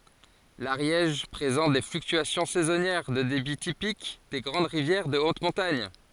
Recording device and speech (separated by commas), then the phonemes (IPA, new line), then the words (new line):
forehead accelerometer, read sentence
laʁjɛʒ pʁezɑ̃t de flyktyasjɔ̃ sɛzɔnjɛʁ də debi tipik de ɡʁɑ̃d ʁivjɛʁ də ot mɔ̃taɲ
L'Ariège présente des fluctuations saisonnières de débit typiques des grandes rivières de haute montagne.